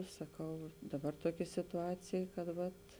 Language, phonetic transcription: Lithuanian, saˈkau aš ˈdaˌbar ˈtuokė situˈacėj kad ˈvat

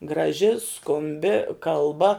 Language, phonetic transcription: Lithuanian, graˈži skumˈbi kalˈba

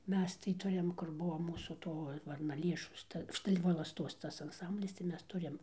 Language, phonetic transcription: Lithuanian, ˈmes tai ˈturim kur ˈbuo ˈmūsų ˈto varnaˈlėšos ˈta ˈštai volasˈtos ˈtas anˈsamblis tai ˈmes ˈturim

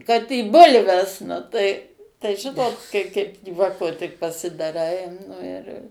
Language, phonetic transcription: Lithuanian, kad į ˈbulves nu tai tai ˈžinot kai ˈkaip ˈjuoko tik pasidaˈrai ˈnu ir

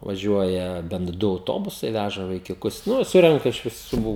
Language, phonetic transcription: Lithuanian, vaˈžiuoja bent ˈdu auˈtobusai ˈvæža vaikiuˈkus ˈnu ˈsurenka iš viˈsų

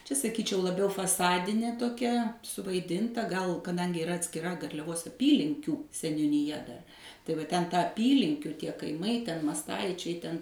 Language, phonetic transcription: Lithuanian, čia saˈkyčiau laˈbiau faˈsadinė toˈkia suvaiˈdinta gal kaˈdangi iˈra atskiˈra garliaˈvos aˈpylinkių seniuniˈja dar tai va ˈten ˈtą aˈpylinkiu ˈtie kaiˈmai ten masˈtaičiai ˈten

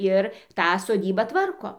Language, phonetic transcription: Lithuanian, ˈir ˈtą soˈdybą ˈtvarko

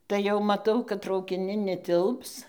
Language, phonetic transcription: Lithuanian, tai jau maˈtau kad traukiˈnin neˈtilps

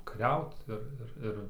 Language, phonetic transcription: Lithuanian, kaˈriaut ˈir ˈir ˈir

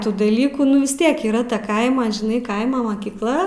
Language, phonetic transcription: Lithuanian, ˈtų daˈlykų ˈnu vis ˈtiek yˈra ta ˈkaima žiˈnai ˈkaima makykˈla

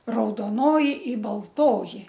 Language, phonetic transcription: Lithuanian, raudoˈnoji i balˈtoji

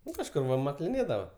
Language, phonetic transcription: Lithuanian, ˈnu kažˈkur va makliˈnėdava

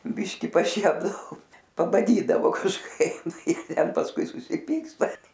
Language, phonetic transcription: Lithuanian, ˈbiški paˈšiepdavo pabaˈdydavo kažˈkai ˈten pasˈkui susiˈpyksta

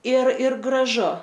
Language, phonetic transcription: Lithuanian, ir ir graˈžu

